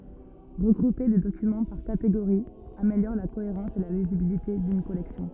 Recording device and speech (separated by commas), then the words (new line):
rigid in-ear microphone, read sentence
Regrouper des documents par catégories améliore la cohérence et la lisibilité d'une collection.